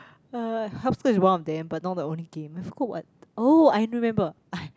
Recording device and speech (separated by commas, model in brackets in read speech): close-talking microphone, conversation in the same room